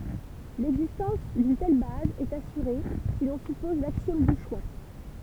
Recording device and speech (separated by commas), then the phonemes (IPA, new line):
temple vibration pickup, read sentence
lɛɡzistɑ̃s dyn tɛl baz ɛt asyʁe si lɔ̃ sypɔz laksjɔm dy ʃwa